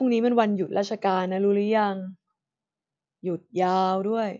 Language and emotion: Thai, frustrated